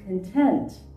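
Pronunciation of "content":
'Content' is said with its verb or adjective pronunciation, not its noun pronunciation.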